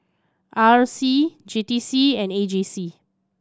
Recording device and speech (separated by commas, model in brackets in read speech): standing microphone (AKG C214), read sentence